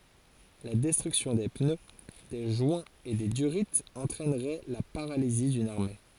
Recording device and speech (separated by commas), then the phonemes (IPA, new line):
forehead accelerometer, read sentence
la dɛstʁyksjɔ̃ de pnø de ʒwɛ̃z e de dyʁiz ɑ̃tʁɛnʁɛ la paʁalizi dyn aʁme